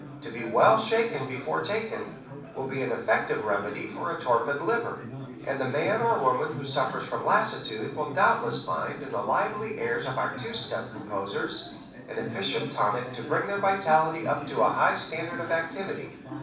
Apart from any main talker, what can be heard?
Crowd babble.